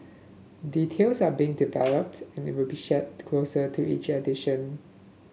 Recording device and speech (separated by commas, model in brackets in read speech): mobile phone (Samsung S8), read sentence